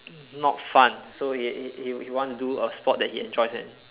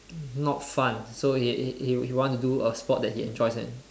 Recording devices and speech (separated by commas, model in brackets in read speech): telephone, standing microphone, conversation in separate rooms